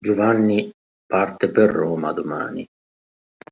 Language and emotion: Italian, sad